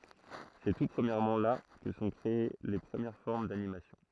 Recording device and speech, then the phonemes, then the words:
throat microphone, read sentence
sɛ tu pʁəmjɛʁmɑ̃ la kə sə sɔ̃ kʁee le pʁəmjɛʁ fɔʁm danimasjɔ̃
C'est tout premièrement là que se sont créées les premières formes d'animation.

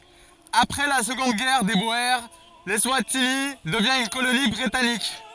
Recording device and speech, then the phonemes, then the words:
forehead accelerometer, read sentence
apʁɛ la səɡɔ̃d ɡɛʁ de boe lɛswatini dəvjɛ̃ yn koloni bʁitanik
Après la Seconde Guerre des Boers, l'Eswatini devient une colonie britannique.

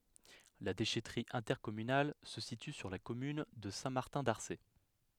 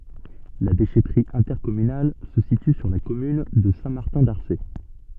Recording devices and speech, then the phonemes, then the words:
headset microphone, soft in-ear microphone, read sentence
la deʃɛtʁi ɛ̃tɛʁkɔmynal sə sity syʁ la kɔmyn də sɛ̃ maʁtɛ̃ daʁse
La déchèterie intercommunale se situe sur la commune de Saint-Martin-d'Arcé.

